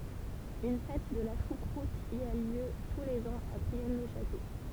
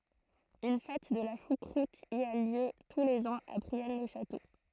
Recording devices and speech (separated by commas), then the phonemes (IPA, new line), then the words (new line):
temple vibration pickup, throat microphone, read sentence
yn fɛt də la ʃukʁut i a ljø tu lez ɑ̃z a bʁiɛn lə ʃato
Une fête de la choucroute y a lieu tous les ans à Brienne-le-Château.